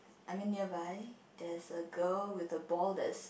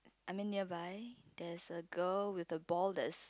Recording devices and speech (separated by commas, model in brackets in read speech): boundary microphone, close-talking microphone, conversation in the same room